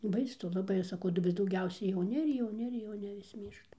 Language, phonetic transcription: Lithuanian, baisu laˈbai ˈaš saˈkau daˈbar dauˈgiausia jauˈni ir jauˈni ir jauˈni vis ˈmyršta

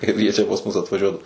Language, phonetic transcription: Lithuanian, ˈkaip jie ˈčia pas ˈmus atvaˈžiuoda

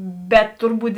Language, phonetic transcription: Lithuanian, bet ˈturˌbūt

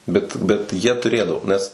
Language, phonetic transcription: Lithuanian, ˈbet bet ˈjie tuˈrėdavo ˈnes

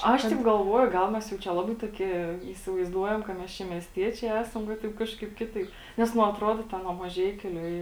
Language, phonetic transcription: Lithuanian, ˈaš teip galˈvuoju ˈgal mes jau ˈčia ˈlabai toˈkie įsivaizˈduojam ka ˈmes ˈčia miesˈtiečiai ˈesam va ˈtaip ˈkažˌkaip ˈkiˌtaip ˈnes nu atˈruodo ˈten nuo maˈžeikiu li

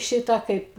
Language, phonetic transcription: Lithuanian, ˈšitą ˈkaip

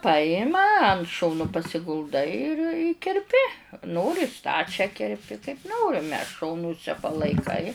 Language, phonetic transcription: Lithuanian, ˈpajima ant ˈšonu pasigulˈdai ir i kerˈpi ˈnori ˈstačią kerˈpi kaip ˈnorime ˈšonuse palaiˈkai

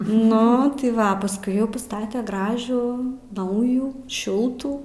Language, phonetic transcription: Lithuanian, ˈnu tai ˈva pasˈkui ˈjau paˈstate ˈgražų ˈnaujų ˈšiltų

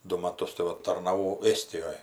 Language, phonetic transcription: Lithuanian, ˈdu maˈtus tai ˈva tarnaˈvau ˈėstijoj

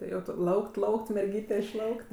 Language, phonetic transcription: Lithuanian, ti ˈjau tu ˈlaukt ˈlaukt merˈgyte išˈlaukt

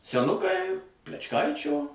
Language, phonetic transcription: Lithuanian, seˈnukai plečˈkaičio

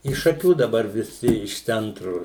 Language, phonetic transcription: Lithuanian, iš šaˈkių daˈbar viˈsi iš ˈcentru

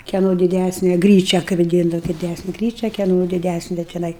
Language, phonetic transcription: Lithuanian, keˈno diˈdæsne ˈgryčia kai vaˈdyndava diˈdæsne ˈgryčia keˈno diˈdæsne tiˈnai

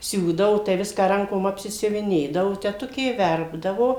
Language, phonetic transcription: Lithuanian, ˈsiūdavo tai ˈviską ˈrankom apsisiuviˈnėdavo teˈtukė ˈverpdavo

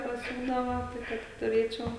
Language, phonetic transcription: Lithuanian, paˈsiūdava ˈtai kad i tuˈrėčiau

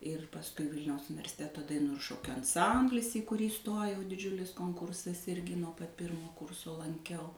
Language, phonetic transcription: Lithuanian, ir pasˈkui ˈvilniaus universiˈteto daˈinų ir ˈšokiu anˈsamblis į kuˈrį ˈstojau diˈdžiulis konˈkursas ˈirgi nuo pat ˈpirmo ˈkurso lanˈkiau

